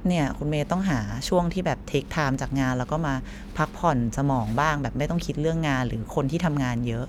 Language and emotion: Thai, neutral